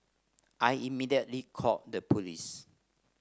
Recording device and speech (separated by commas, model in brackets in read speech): standing microphone (AKG C214), read sentence